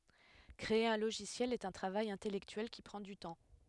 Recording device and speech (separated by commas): headset microphone, read sentence